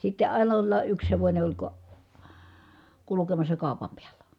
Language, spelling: Finnish, sitten aina olla yksi hevonen oli - kulkemassa kaupan päällä
- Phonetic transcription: sitte ʼain ‿ollà ʼyks hevońe oĺ ko- , kulukemassa kàu̬pam piällä .

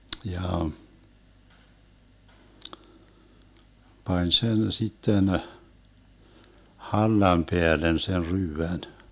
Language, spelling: Finnish, ja pani sen sitten hallan päälle sen ryydän
- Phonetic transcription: 'ja , 'pań 'sen 'sitten , 'hallam 'peälen sen 'ryyvän .

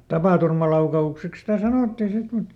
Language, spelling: Finnish, tapaturmalaukaukseksi sitä sanottiin sitten mutta
- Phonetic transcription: "tapàturmalauka₍ukseks sitä ˈsanòttii ˈsit mut ,.

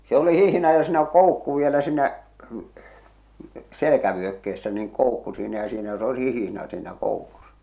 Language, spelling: Finnish, se oli hihna ja siinä koukku vielä siinä selkävyökkeessä niin koukku siinä ja siinä jos olisi hihna siinä koukussa
- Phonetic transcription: se oli 'hihna ja siinä "koukku vielä si̳nä , 'selekävyökke₍essä niiŋ 'koukku siinä ja siinä (jos ois) 'hihⁱna siinä 'koukusᴀ .

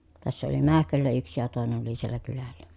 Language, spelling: Finnish, tässä oli Mähköllä yksi ja toinen oli siellä kylällä
- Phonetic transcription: tässä oli Mähköllä yksi ja tòenen ‿oli siellä kylällä .

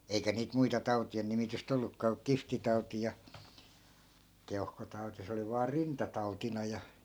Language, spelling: Finnish, eikä niitä muita tautien nimitystä ollutkaan kuin kihtitauti ja keuhkotauti se oli vain rintatautina ja
- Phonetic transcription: 'eikä niit 'muita 'tau̬ti₍en nimitys't ‿ollukkaa ku "kiftitauti ja , 'keuhkotauti 'se oli vaa "rintatautina ja , .

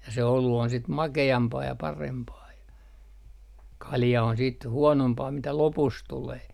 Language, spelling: Finnish, ja se olut on sitten makeampaa ja parempaa ja kalja on sitten huonompaa mitä lopussa tulee
- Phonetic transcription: ja se 'olu on sit "make₍ampaa ja 'parempaa ja , "kalja on siit 'huonompaa mitä "lopus 'tulee .

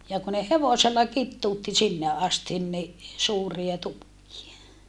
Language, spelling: Finnish, ja kun ne hevosella kituutti sinne asti niin suuria tukkeja
- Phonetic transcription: ja ku ne hevosella kittuutti sinne astin ni , suuria tukkie .

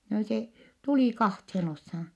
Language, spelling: Finnish, no se tuli kahteen osaan
- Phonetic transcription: no se , tulì kahthen oshan̬ .

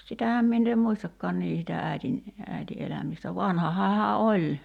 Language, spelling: Finnish, sitähän minä ei muistakaan niin sitä äidin äiti elämistä vanhahan hän oli
- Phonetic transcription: 'sitähäm 'minn ‿ee "muistakkɔan 'nii sitä 'äitin , äiti 'elämistä 'vanhahaa hä "oĺ .

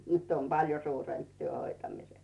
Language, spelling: Finnish, nyt on paljon suurempi työ hoitamisessa
- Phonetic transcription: 'nyt ‿om "paljo suuremp työ 'hoitamises .

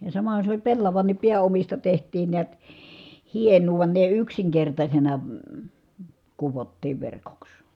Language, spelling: Finnish, ja samahan se oli pellavankin pääomista tehtiin näet hienoa vaan ne yksinkertaisena kudottiin verkoksi
- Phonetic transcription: ja samahan̬ se oĺ pellavannip piä₍omista teht̀iin niät , hieǹuu vᵘan ne yksiŋkertaśena , kuvottiiv verkoks .

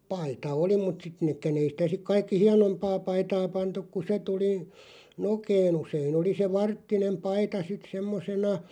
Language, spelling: Finnish, paita oli mutta sitten nekään ei sitä sitten kaikki hienompaa paitaa pantu kun se tuli nokeen usein oli se varttinen paita sitten semmoisena
- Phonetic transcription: 'paita "oli mut sit 'nekkän ‿ei sⁱtä sik 'kaikki "hianompaa 'paitaa 'pantuk ku 'se tuli , "nokee'n ‿useen ‿oli se "varttinem "paita sit 'semmosena ,.

